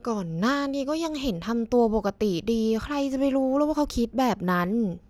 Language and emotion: Thai, frustrated